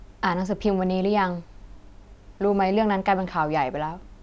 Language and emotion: Thai, neutral